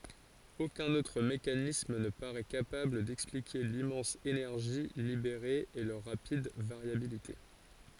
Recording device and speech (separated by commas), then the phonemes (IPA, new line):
forehead accelerometer, read sentence
okœ̃n otʁ mekanism nə paʁɛ kapabl dɛksplike limmɑ̃s enɛʁʒi libeʁe e lœʁ ʁapid vaʁjabilite